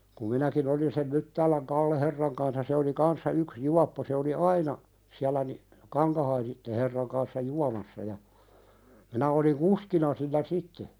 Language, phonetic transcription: Finnish, kum 'minäki"n ‿olin sem 'Myttääläŋ "Kalleherraŋ kansa se oli 'kanssa yks "juappo se oli "aina , siälä ni , 'Kaŋkahaisitte herraŋ kanssa "juamassa ja , minä oliŋ 'kuskina sillä "sitte .
- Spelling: kun minäkin olin sen Myttäälän Kalle-herran kansa se oli kanssa yksi juoppo se oli aina siellä niin Kankahaisten herran kanssa juomassa ja minä olin kuskina sillä sitten

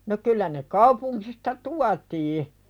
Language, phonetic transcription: Finnish, no kyllä ne 'kaupuŋkista "tuatii .
- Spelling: no kyllä ne kaupungista tuotiin

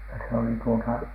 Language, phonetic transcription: Finnish, ja se oli tuota ,.
- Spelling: ja se oli tuota

